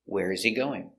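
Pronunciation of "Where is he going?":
The intonation goes down at the end of the question. 'he' is not stressed and its h is silent, so 'where is he' sounds like 'where z e'.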